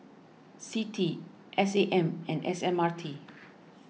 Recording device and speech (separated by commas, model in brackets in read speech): mobile phone (iPhone 6), read sentence